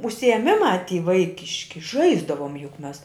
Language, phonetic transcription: Lithuanian, užsiėˈmimā ty ˈvaikiški ˈžaisdavom juk ˈmes

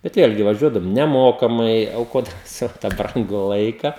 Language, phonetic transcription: Lithuanian, bet ˈvėlgi vaˈžiuodavom neˈmokamai auˈkodami ˈsavo tą ˈbrangu ˈlaika

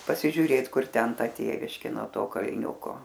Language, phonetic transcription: Lithuanian, pasižiuˈrėt ˈkur ˈten ˈtėviškė no ˈto kalˈniuko

